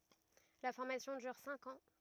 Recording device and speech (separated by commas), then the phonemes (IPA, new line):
rigid in-ear microphone, read sentence
la fɔʁmasjɔ̃ dyʁ sɛ̃k ɑ̃